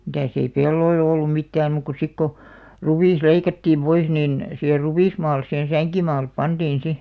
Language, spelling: Finnish, mitäs ei pelloilla ollut mitään muuta kuin sitten kun ruis leikattiin pois niin siihen ruismaalle siihen sänkimaalle pantiin sitten
- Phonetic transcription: mitä̀s ‿ei "pelloi'l ‿ollum 'mittääm muuk ku 'sik ko , "ruvìs 'leikattiim 'pois nìn , siher "ruvìsmaal̆les sihen̬ "säŋkimaalep 'pantiin 'si .

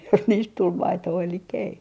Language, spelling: Finnish, jos niistä tuli maitoa eli ei
- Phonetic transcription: jos niist 'tul "maitoo elikkᵃ̈ ‿ei .

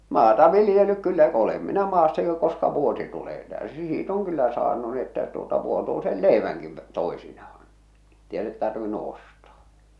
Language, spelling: Finnish, maata viljellyt kyllä olen minä maassa jo koska vuosi tulee täysi siitä on kyllä saanut niin että tuota vuotuisen leivänkin - toisinaan että ei ole tarvinnut ostaa
- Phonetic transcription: maata 'vilⁱjellyk kyllä olem minä maassa jo koska 'vuosi tulee 'tä̀ösi 'sii't ‿oŋ 'kyllä 'saanu ni että tuota 'vuotuisel "lèiväŋki v- , 'tòesinahᴀɴ , ettei olet 'tarvinnu "ostᴀᴀ .

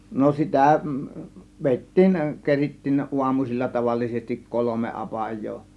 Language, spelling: Finnish, no sitä vedettiin kerittiin aamuisin tavallisesti kolme apajaa
- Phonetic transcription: no 'sitä̀ , 'vèittiin , 'kerittiin 'ˀuamusil͕l͕a tavallisestik "kolome 'apaj̆joo .

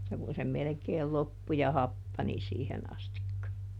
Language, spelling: Finnish, että kun se melkein loppui ja happani siihen asti
- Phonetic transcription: -tä kun se ˈmelᵉkeel ˈloppu ja ˈhappani ˈsiihen astikka .

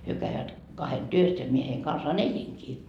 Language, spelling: Finnish, he kävivät kahden työssä ja minä heidän kanssaan elinkin
- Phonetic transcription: 'hyö käivät , kahen "työs ja mie heiŋ kansaan "eliŋkii .

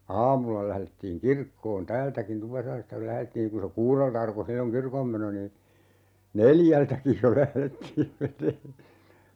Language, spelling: Finnish, aamulla lähdettiin kirkkoon täältäkin Tupasaaresta kun lähdettiin kun se kuudelta alkoi silloin kirkonmeno niin neljältäkin jo lähdettiin menemään sinne
- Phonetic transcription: "aamulla 'lählettiiŋ "kirkkoon "täältäkin 'Tupasaaresta (kul) 'lählettiin kun̬ se 'kuurelta arko 'silloŋ "kirkommeno nii , "neljältäkij jo 'lählettiim 'meǹee(n sinne) .

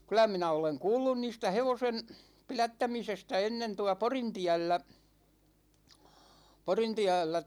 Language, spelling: Finnish, kyllä minä olen kuullut niistä hevosen pidättämisestä ennen tuolla Porintiellä Porintiellä
- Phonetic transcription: 'kylä minä oleŋ "kuullun 'niistä 'hevosen , "pilättämisestä 'ennen tua "Porintiällä , 'Porintiällä .

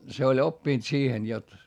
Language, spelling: Finnish, se oli oppinut siihen jotta
- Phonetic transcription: se oĺ oppìnt siihen jot ,.

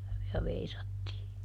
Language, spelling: Finnish, ja veisattiin
- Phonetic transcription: ja ˈveisattii .

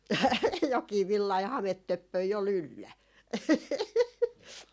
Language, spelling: Finnish, jokin villainen hametöppönen oli yllä
- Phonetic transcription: 'jok̆kii 'villai 'hamet"töppöi o'l ‿yllä .

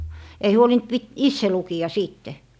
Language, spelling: Finnish, ei huolinut - itse lukea sitten
- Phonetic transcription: 'ei 'huolint pit- , "isse 'luki₍a 'siitte .

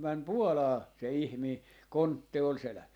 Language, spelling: Finnish, meni Puolaan se ihminen kontti oli selässä
- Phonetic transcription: 'mäm "Puolaa , 'se "ihmii , 'kontte ol "selä(ssä) .

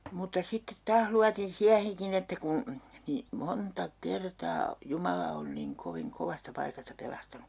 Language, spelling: Finnish, mutta sitten taas luotin siihenkin että kun niin monta kertaa Jumala on niin kovin kovasta paikasta pelastanut
- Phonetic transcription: muta sittet 'taah luatin 'siäheŋkin ‿että kun , nii "monta "kertaa 'Jumala on niŋ 'koviŋ "kovasta 'paikasta 'pelastanu .

